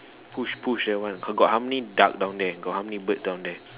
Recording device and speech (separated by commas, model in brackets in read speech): telephone, conversation in separate rooms